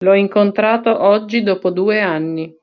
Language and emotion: Italian, neutral